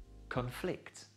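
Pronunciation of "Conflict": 'Conflict' is said as the verb, with the stress on the second part of the word.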